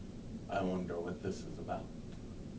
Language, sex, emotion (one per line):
English
male
neutral